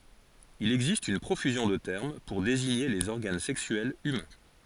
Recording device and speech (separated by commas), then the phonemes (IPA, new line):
forehead accelerometer, read sentence
il ɛɡzist yn pʁofyzjɔ̃ də tɛʁm puʁ deziɲe lez ɔʁɡan sɛksyɛlz ymɛ̃